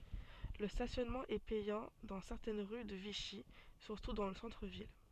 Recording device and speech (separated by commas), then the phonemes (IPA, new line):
soft in-ear microphone, read sentence
lə stasjɔnmɑ̃ ɛ pɛjɑ̃ dɑ̃ sɛʁtɛn ʁy də viʃi syʁtu dɑ̃ lə sɑ̃tʁ vil